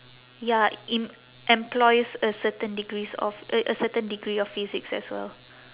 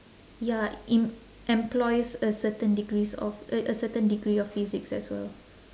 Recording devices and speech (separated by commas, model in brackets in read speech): telephone, standing microphone, conversation in separate rooms